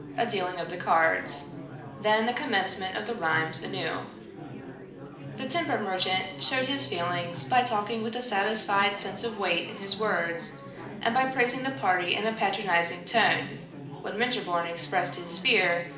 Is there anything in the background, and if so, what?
Crowd babble.